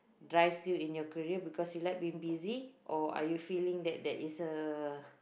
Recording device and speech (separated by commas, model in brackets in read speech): boundary microphone, conversation in the same room